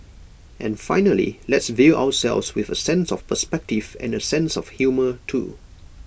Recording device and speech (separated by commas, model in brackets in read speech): boundary microphone (BM630), read sentence